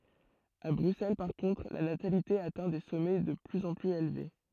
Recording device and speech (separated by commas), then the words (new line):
throat microphone, read sentence
À Bruxelles par contre, la natalité atteint des sommets de plus en plus élevés.